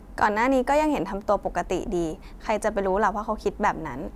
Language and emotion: Thai, neutral